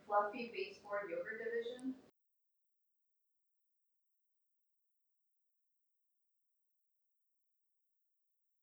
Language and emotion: English, neutral